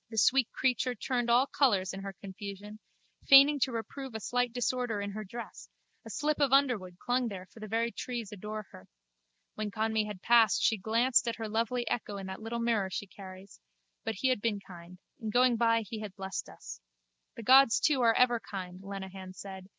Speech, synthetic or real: real